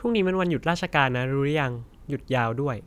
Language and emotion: Thai, neutral